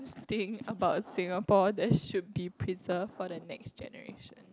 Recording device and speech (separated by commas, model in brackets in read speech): close-talking microphone, conversation in the same room